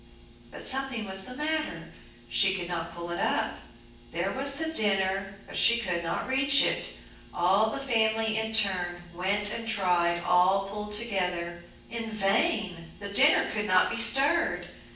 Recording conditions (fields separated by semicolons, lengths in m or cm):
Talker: one person; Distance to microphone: 9.8 m; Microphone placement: far; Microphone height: 1.8 m; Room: large; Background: none